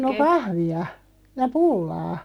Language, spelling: Finnish, no kahvia ja pullaa
- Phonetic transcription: 'no "kahvi₍a , ja "pullaa .

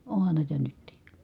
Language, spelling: Finnish, onhan näitä nytkin
- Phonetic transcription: ohan nä̀i̮tä nyttì .

